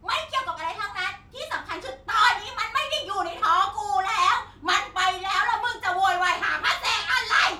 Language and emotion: Thai, angry